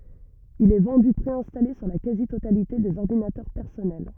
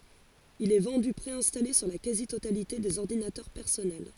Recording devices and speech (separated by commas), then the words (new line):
rigid in-ear microphone, forehead accelerometer, read sentence
Il est vendu préinstallé sur la quasi-totalité des ordinateurs personnels.